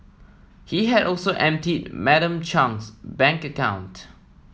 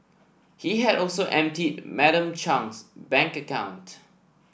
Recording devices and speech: mobile phone (iPhone 7), boundary microphone (BM630), read sentence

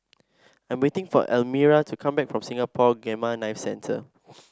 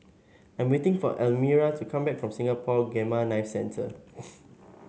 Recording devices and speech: standing microphone (AKG C214), mobile phone (Samsung S8), read sentence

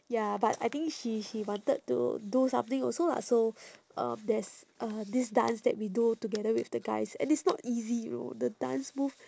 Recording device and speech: standing microphone, conversation in separate rooms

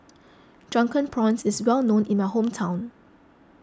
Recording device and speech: close-talking microphone (WH20), read sentence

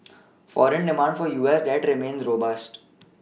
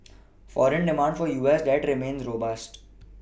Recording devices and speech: mobile phone (iPhone 6), boundary microphone (BM630), read sentence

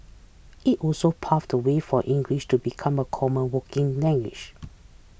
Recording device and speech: boundary microphone (BM630), read sentence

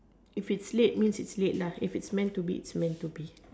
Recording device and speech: standing microphone, conversation in separate rooms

